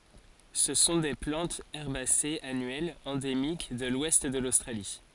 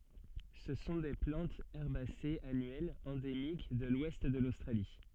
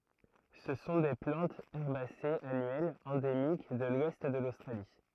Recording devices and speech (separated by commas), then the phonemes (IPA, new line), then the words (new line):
forehead accelerometer, soft in-ear microphone, throat microphone, read sentence
sə sɔ̃ de plɑ̃tz ɛʁbasez anyɛlz ɑ̃demik də lwɛst də lostʁali
Ce sont des plantes herbacées annuelles, endémiques de l'ouest de l'Australie.